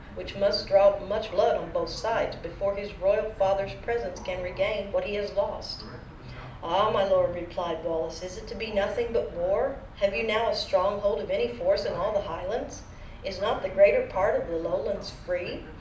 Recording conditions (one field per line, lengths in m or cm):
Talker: one person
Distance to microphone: 2.0 m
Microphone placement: close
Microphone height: 99 cm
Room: medium-sized (5.7 m by 4.0 m)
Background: television